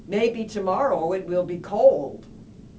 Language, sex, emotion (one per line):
English
female
happy